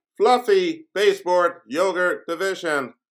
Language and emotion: English, neutral